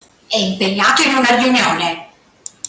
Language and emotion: Italian, angry